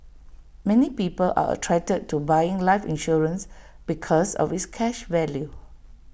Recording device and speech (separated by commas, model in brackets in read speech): boundary microphone (BM630), read sentence